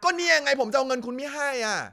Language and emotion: Thai, angry